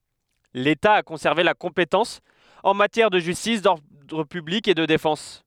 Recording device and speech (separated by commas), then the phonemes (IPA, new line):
headset microphone, read sentence
leta a kɔ̃sɛʁve la kɔ̃petɑ̃s ɑ̃ matjɛʁ də ʒystis dɔʁdʁ pyblik e də defɑ̃s